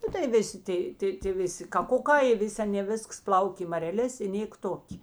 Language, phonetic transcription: Lithuanian, ˈnu tai ˈviˌsi ˈtai tai tė ˈviˌsi kaˈkuˌkā i ˈvis' ˈanė ˈvisks ˈplaukė i mareˈlės i ˈnėk ˈtok'

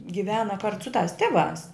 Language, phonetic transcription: Lithuanian, giˈvena kart su tas ˈtiˌvās

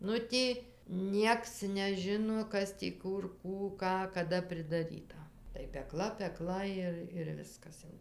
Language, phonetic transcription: Lithuanian, ˈnu tį ˈnieks neˈžino ˈkas tį ˈkur ˈkų ˈką kaˈda pridaˈryta tai peˈkla peˈkla ˈir ir ˈviskas jau

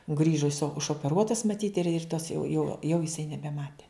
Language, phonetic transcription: Lithuanian, ˈgrįžo iso ušopeˈruotas maˈtyt ir ir tas jau jau jau jiˈsai nebeˈmate

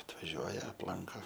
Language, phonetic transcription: Lithuanian, atvaˈžiuoja apˈlanko

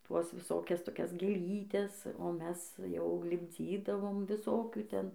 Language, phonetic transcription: Lithuanian, ˈtuos viˈsokias toˈkias gėˈlytes o ˈmes jau lipˈdzydavom viˈsokių ˈten

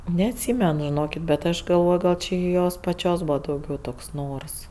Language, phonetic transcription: Lithuanian, neatˈsymen žiˈnokit bet ˈaš galˈvoj gal či i ˈjos paˈčios ˈbūva dauˈgiau ˈtoks ˈnors

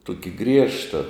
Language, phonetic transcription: Lithuanian, ˈtuki ˈgriežta

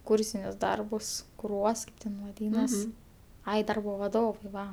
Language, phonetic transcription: Lithuanian, ˈkūrsinius ˈdarbus kuˈruos ˈten vaˈdynas ˈai ˈdarbo vaˈdovai ˈva

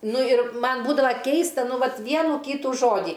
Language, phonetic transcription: Lithuanian, ˈnu ir ˈman ˈbūdava ˈkeista ˈnu ˈvat ˈvienų ˈkytų ˈžodį

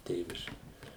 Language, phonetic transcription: Lithuanian, ˈtėviški

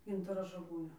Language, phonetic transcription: Lithuanian, ˈgintaro žaˈgūnio

